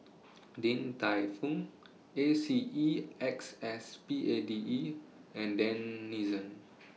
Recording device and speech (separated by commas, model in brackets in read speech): mobile phone (iPhone 6), read sentence